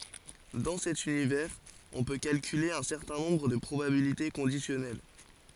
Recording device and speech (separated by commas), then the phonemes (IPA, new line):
forehead accelerometer, read sentence
dɑ̃ sɛt ynivɛʁz ɔ̃ pø kalkyle œ̃ sɛʁtɛ̃ nɔ̃bʁ də pʁobabilite kɔ̃disjɔnɛl